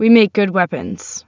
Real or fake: real